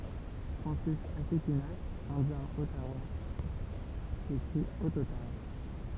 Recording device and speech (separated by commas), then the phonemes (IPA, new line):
temple vibration pickup, read sentence
fʁɑ̃sis asikinak ɛ̃djɛ̃ ɔtawa ekʁi ɔtotam